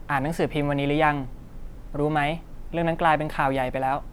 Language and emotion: Thai, neutral